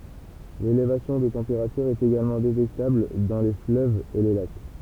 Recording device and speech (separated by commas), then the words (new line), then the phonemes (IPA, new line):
temple vibration pickup, read sentence
L'élévation de température est également détectable dans les fleuves et les lacs.
lelevasjɔ̃ də tɑ̃peʁatyʁ ɛt eɡalmɑ̃ detɛktabl dɑ̃ le fløvz e le lak